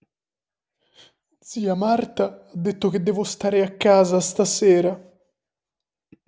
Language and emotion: Italian, fearful